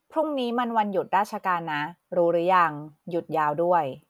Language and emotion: Thai, neutral